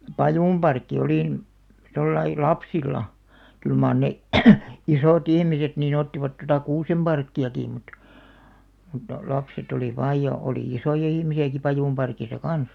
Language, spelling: Finnish, pajunparkki oli mm tuolla lailla lapsilla kyllä mar ne isot ihmiset niin ottivat tuota kuusenparkkiakin mutta mutta lapset oli vain ja oli isoja ihmisiäkin pajunparkissa kanssa
- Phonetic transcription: pajùmʙarkki 'olì m̥ , 'tollai , "lapsil̆la , 'kyl màr 'ne , "isò't ‿ihmiset nii'n ‿ottivat tota "kuusemʙarkki₍akì mut , mutta , 'lapset ‿oli 'vaaj ja , olì "isoja 'ihmisi₍äki 'pajùmparkisa "kans .

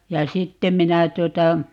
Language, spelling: Finnish, ja sitten minä tuota
- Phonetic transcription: ja "sittem̆ 'minä 'tuota , .

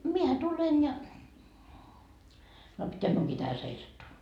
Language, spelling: Finnish, minähän tulen ja no pitääkö minunkin tähän seisattua
- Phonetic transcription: 'miehä 'tulen ja , no pitteäk miuŋkii tähä 'seisattuu .

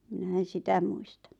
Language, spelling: Finnish, minä en sitä muista
- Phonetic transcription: 'minä en̬ "sitä 'muista .

